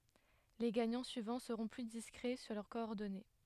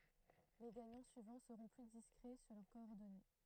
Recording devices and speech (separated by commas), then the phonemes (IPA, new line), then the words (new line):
headset microphone, throat microphone, read sentence
le ɡaɲɑ̃ syivɑ̃ səʁɔ̃ ply diskʁɛ syʁ lœʁ kɔɔʁdɔne
Les gagnants suivants seront plus discrets sur leurs coordonnées.